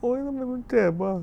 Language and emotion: Thai, sad